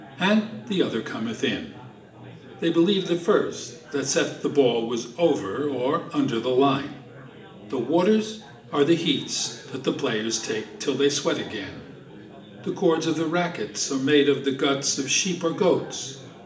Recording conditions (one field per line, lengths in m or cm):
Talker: one person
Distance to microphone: 1.8 m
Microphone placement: close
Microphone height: 1.0 m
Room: large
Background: babble